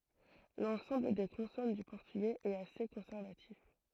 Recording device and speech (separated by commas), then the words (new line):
throat microphone, read sentence
L'ensemble des consonnes du portugais est assez conservatif.